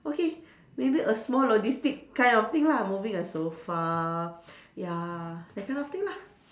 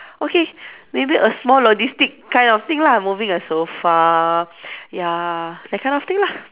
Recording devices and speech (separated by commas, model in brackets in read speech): standing microphone, telephone, conversation in separate rooms